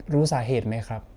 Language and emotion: Thai, neutral